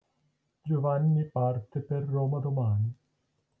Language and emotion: Italian, neutral